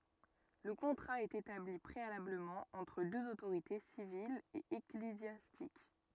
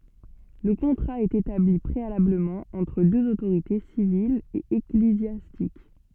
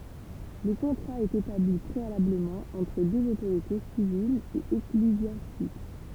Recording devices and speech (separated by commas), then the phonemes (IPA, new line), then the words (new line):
rigid in-ear microphone, soft in-ear microphone, temple vibration pickup, read sentence
lə kɔ̃tʁa ɛt etabli pʁealabləmɑ̃ ɑ̃tʁ døz otoʁite sivil e eklezjastik
Le contrat est établi préalablement entre deux autorités, civile et ecclésiastique.